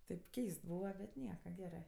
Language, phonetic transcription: Lithuanian, tėp ˈkeist ˈbūva bet ˈnieka ˈgerɜ

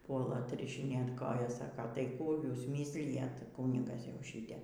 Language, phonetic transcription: Lithuanian, ˈpuola atrišiˈnėt ˈkojas ˈsaka tai ˈkų ˈjūs ˈmyslijat ˈkūnigas jau ˈšyte

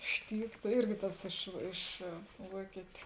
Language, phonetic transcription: Lithuanian, ˈštyvs ˈirgi ˈtas ˈiš ˈiš ˈvuokitiu

